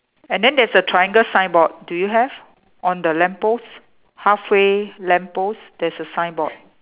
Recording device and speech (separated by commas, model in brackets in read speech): telephone, conversation in separate rooms